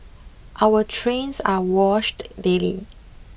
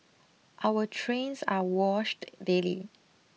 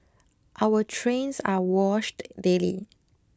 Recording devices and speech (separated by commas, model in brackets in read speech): boundary microphone (BM630), mobile phone (iPhone 6), close-talking microphone (WH20), read sentence